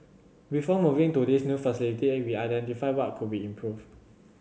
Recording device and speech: mobile phone (Samsung C7100), read sentence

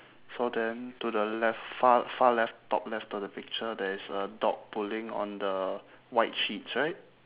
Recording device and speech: telephone, conversation in separate rooms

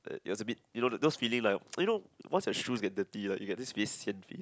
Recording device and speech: close-talking microphone, conversation in the same room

